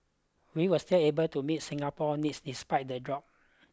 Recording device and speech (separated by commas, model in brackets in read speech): close-talking microphone (WH20), read sentence